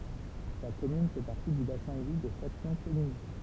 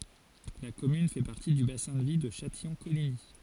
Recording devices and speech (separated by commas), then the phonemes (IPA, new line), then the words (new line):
temple vibration pickup, forehead accelerometer, read sentence
la kɔmyn fɛ paʁti dy basɛ̃ də vi də ʃatijɔ̃koliɲi
La commune fait partie du bassin de vie de Châtillon-Coligny.